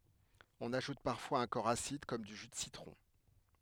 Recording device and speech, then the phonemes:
headset microphone, read sentence
ɔ̃n aʒut paʁfwaz œ̃ kɔʁ asid kɔm dy ʒy də sitʁɔ̃

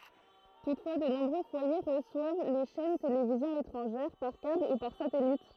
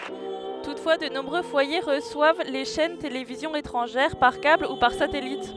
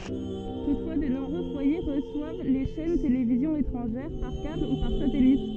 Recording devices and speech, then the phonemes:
throat microphone, headset microphone, soft in-ear microphone, read sentence
tutfwa də nɔ̃bʁø fwaje ʁəswav le ʃɛn televizjɔ̃z etʁɑ̃ʒɛʁ paʁ kabl u paʁ satɛlit

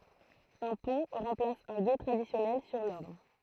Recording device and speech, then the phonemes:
throat microphone, read sentence
œ̃ pɔ̃ ʁɑ̃plas œ̃ ɡe tʁadisjɔnɛl syʁ lɔʁn

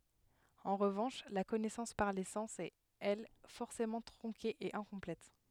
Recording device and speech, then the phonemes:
headset microphone, read sentence
ɑ̃ ʁəvɑ̃ʃ la kɔnɛsɑ̃s paʁ le sɑ̃s ɛt ɛl fɔʁsemɑ̃ tʁɔ̃ke e ɛ̃kɔ̃plɛt

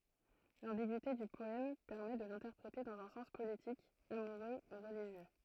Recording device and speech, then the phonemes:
throat microphone, read sentence
lɑ̃biɡyite dy pɔɛm pɛʁmɛ də lɛ̃tɛʁpʁete dɑ̃z œ̃ sɑ̃s politik amuʁø u ʁəliʒjø

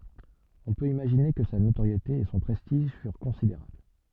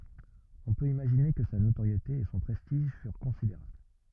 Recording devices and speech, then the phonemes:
soft in-ear microphone, rigid in-ear microphone, read sentence
ɔ̃ pøt imaʒine kə sa notoʁjete e sɔ̃ pʁɛstiʒ fyʁ kɔ̃sideʁabl

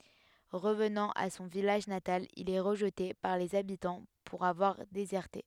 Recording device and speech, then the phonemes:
headset microphone, read sentence
ʁəvnɑ̃ a sɔ̃ vilaʒ natal il ɛ ʁəʒte paʁ lez abitɑ̃ puʁ avwaʁ dezɛʁte

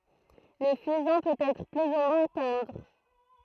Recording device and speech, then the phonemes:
throat microphone, read sentence
lə fyzɛ̃ pøt ɛtʁ ply u mwɛ̃ tɑ̃dʁ

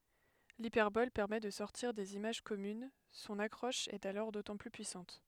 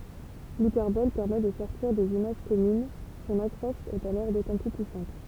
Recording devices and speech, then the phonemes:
headset microphone, temple vibration pickup, read sentence
lipɛʁbɔl pɛʁmɛ də sɔʁtiʁ dez imaʒ kɔmyn sɔ̃n akʁɔʃ ɛt alɔʁ dotɑ̃ ply pyisɑ̃t

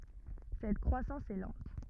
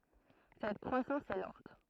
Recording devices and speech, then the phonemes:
rigid in-ear microphone, throat microphone, read sentence
sɛt kʁwasɑ̃s ɛ lɑ̃t

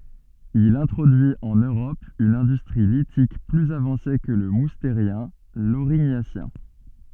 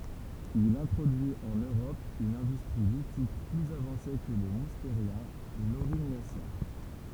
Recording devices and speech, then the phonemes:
soft in-ear microphone, temple vibration pickup, read sentence
il ɛ̃tʁodyi ɑ̃n øʁɔp yn ɛ̃dystʁi litik plyz avɑ̃se kə lə musteʁjɛ̃ loʁiɲasjɛ̃

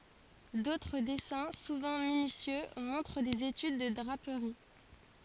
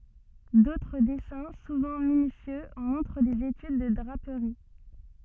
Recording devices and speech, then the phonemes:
forehead accelerometer, soft in-ear microphone, read sentence
dotʁ dɛsɛ̃ suvɑ̃ minysjø mɔ̃tʁ dez etyd də dʁapəʁi

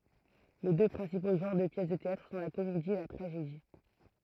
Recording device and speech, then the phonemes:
throat microphone, read sentence
le dø pʁɛ̃sipo ʒɑ̃ʁ də pjɛs də teatʁ sɔ̃ la komedi e la tʁaʒedi

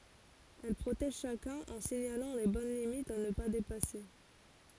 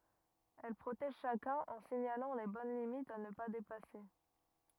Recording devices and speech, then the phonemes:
forehead accelerometer, rigid in-ear microphone, read sentence
ɛl pʁotɛʒ ʃakœ̃n ɑ̃ siɲalɑ̃ le bɔn limitz a nə pa depase

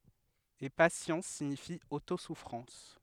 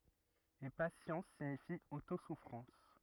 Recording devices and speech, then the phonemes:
headset microphone, rigid in-ear microphone, read sentence
e pasjɑ̃s siɲifi otosufʁɑ̃s

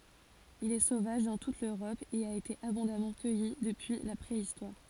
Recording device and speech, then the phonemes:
forehead accelerometer, read sentence
il ɛ sovaʒ dɑ̃ tut løʁɔp e a ete abɔ̃damɑ̃ kœji dəpyi la pʁeistwaʁ

